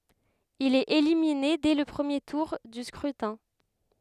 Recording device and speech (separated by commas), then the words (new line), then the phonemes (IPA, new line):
headset microphone, read sentence
Il est éliminé dès le premier tour du scrutin.
il ɛt elimine dɛ lə pʁəmje tuʁ dy skʁytɛ̃